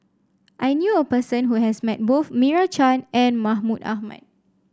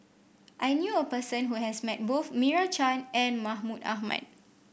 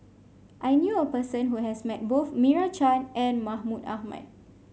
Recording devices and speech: standing microphone (AKG C214), boundary microphone (BM630), mobile phone (Samsung C5), read sentence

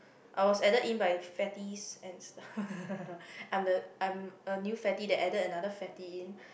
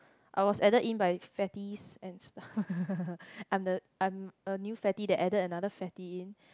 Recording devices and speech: boundary microphone, close-talking microphone, conversation in the same room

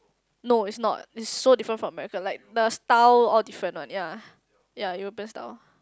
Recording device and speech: close-talking microphone, conversation in the same room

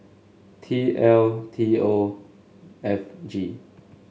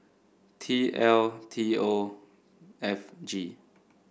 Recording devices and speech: mobile phone (Samsung S8), boundary microphone (BM630), read sentence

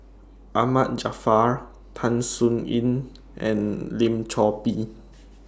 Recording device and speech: standing microphone (AKG C214), read sentence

